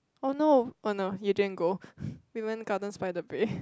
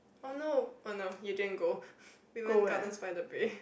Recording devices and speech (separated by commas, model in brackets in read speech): close-talking microphone, boundary microphone, conversation in the same room